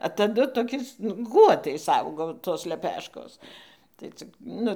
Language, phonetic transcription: Lithuanian, a taˈdu toˈkiais nu ˈguotais ˈaugo tos leˈpeškos tai ˈcik ˈnu

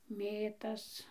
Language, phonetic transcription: Lithuanian, ˈmėtas

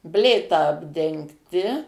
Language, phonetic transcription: Lithuanian, ˈblėta apdengˈti

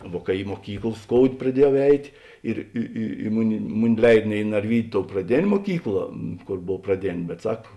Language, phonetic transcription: Lithuanian, ˈvuo ka i moˈkykl ˈskoudė praˈdiejau ˈeitė ˈir i i i ˈmuˌni ˈmuˌni ˈleid ne i narˈvydiu tou praˈdėn' muoˈkykla ˈkor ˈbov praˈdėn' bet ˈsak

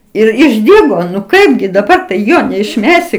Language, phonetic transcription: Lithuanian, ˈir išˈdygo nu ˈkaipgi daˈbar tai ˈjo neišˈmesi

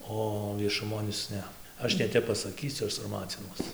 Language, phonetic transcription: Lithuanian, ˈo viešuˈmon ˈis ˈne ˈaš neˈtep pasaˈkysiu ˈaš sarˈmacinuos

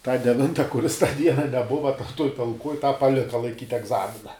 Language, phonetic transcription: Lithuanian, tą deˈvinta kuˈris tą ˈdiena neˈbuva ta tuoj talˈkuoj ˈtą paˈlika laiˈkyt' egˈzamina

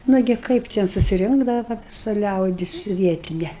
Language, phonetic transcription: Lithuanian, ˈnugi ˈkaip ten susiˈrinkdava va viˈsa ˈliaudis ˈvietine

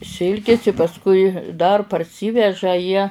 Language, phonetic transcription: Lithuanian, ˈsilkis i pasˈkui dar parˈsyveža jie

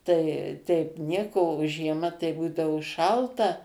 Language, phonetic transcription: Lithuanian, ˈtai teip ˈnieko o žieˈma tai ˈbūdavo ˈšalta

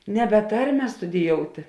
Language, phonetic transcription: Lithuanian, neˈbe ˈtarme studiˈjouti

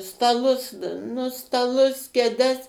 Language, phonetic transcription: Lithuanian, staˈlus nu staˈlus keˈdes

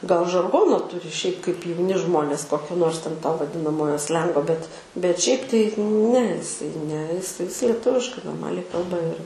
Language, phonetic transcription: Lithuanian, gal žarˈgono ˈturi šiaip kaip jauˈni ˈžmonės ˈkokio ˈnors ten to vaˈdinamojo ˈslengo bet bet šiaip tai ne iˈsai ne is is lieˈtuviškai norˈmaliai ˈkalba ir

